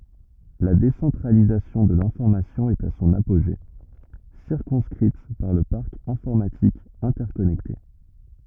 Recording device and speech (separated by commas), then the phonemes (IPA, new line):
rigid in-ear microphone, read sentence
la desɑ̃tʁalizasjɔ̃ də lɛ̃fɔʁmasjɔ̃ ɛt a sɔ̃n apoʒe siʁkɔ̃skʁit paʁ lə paʁk ɛ̃fɔʁmatik ɛ̃tɛʁkɔnɛkte